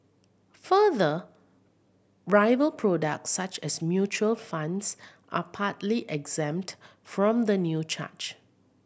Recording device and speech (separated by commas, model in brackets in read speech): boundary microphone (BM630), read sentence